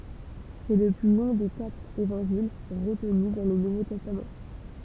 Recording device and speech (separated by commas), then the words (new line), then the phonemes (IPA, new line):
temple vibration pickup, read sentence
C'est le plus long des quatre Évangiles retenus dans le Nouveau Testament.
sɛ lə ply lɔ̃ de katʁ evɑ̃ʒil ʁətny dɑ̃ lə nuvo tɛstam